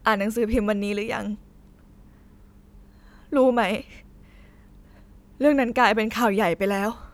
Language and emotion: Thai, sad